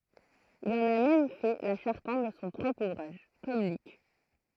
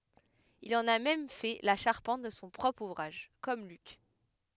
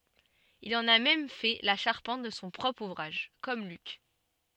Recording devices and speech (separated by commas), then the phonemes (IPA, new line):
throat microphone, headset microphone, soft in-ear microphone, read sentence
il ɑ̃n a mɛm fɛ la ʃaʁpɑ̃t də sɔ̃ pʁɔpʁ uvʁaʒ kɔm lyk